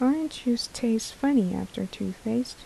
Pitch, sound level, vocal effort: 235 Hz, 75 dB SPL, soft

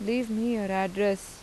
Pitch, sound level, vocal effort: 205 Hz, 85 dB SPL, normal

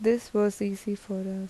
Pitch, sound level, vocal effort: 205 Hz, 79 dB SPL, soft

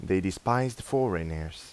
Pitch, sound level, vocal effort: 95 Hz, 86 dB SPL, normal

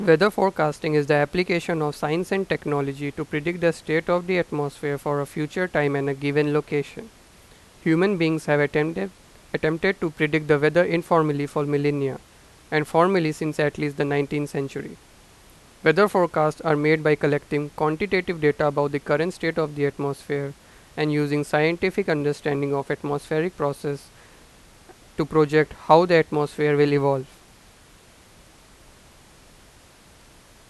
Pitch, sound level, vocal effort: 155 Hz, 90 dB SPL, loud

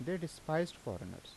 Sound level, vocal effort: 82 dB SPL, normal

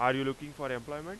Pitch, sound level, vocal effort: 135 Hz, 94 dB SPL, very loud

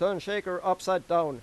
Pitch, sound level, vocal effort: 180 Hz, 97 dB SPL, very loud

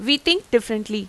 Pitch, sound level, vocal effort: 240 Hz, 90 dB SPL, loud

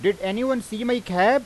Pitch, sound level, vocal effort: 230 Hz, 96 dB SPL, very loud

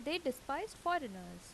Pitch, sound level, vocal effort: 270 Hz, 83 dB SPL, normal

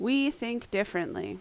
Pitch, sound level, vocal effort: 235 Hz, 83 dB SPL, very loud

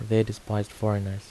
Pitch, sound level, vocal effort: 105 Hz, 77 dB SPL, soft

